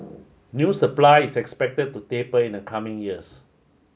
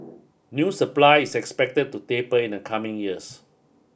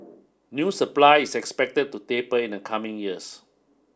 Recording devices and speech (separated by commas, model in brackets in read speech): mobile phone (Samsung S8), boundary microphone (BM630), standing microphone (AKG C214), read sentence